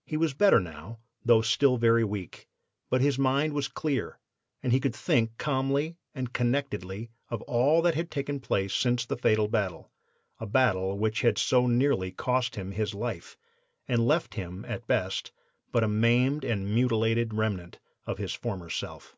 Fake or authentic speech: authentic